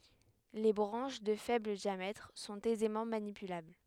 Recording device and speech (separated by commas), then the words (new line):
headset microphone, read sentence
Les branches de faible diamètre sont aisément manipulables.